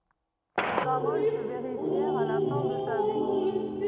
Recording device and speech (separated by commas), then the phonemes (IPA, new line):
rigid in-ear microphone, read sentence
se paʁol sə veʁifjɛʁt a la fɛ̃ də sa vi